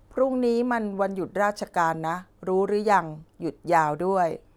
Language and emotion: Thai, neutral